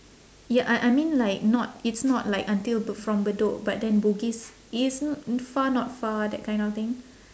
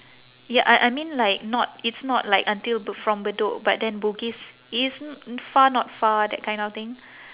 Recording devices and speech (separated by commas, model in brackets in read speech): standing microphone, telephone, conversation in separate rooms